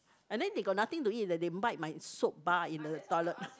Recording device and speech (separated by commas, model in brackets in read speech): close-talking microphone, conversation in the same room